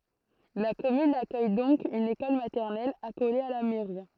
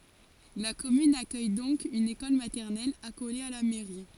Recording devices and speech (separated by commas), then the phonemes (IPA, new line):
throat microphone, forehead accelerometer, read sentence
la kɔmyn akœj dɔ̃k yn ekɔl matɛʁnɛl akole a la mɛʁi